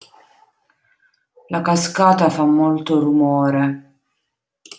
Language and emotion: Italian, sad